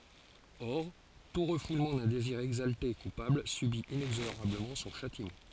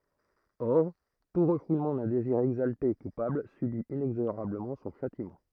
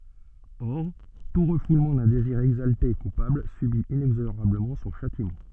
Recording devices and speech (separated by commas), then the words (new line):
forehead accelerometer, throat microphone, soft in-ear microphone, read sentence
Or, tout refoulement d'un désir exalté et coupable subit inexorablement son châtiment.